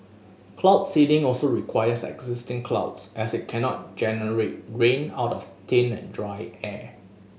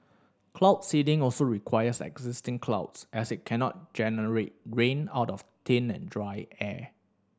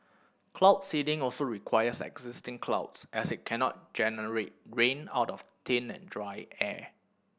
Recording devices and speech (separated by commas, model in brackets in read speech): mobile phone (Samsung S8), standing microphone (AKG C214), boundary microphone (BM630), read sentence